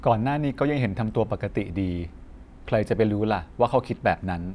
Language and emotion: Thai, neutral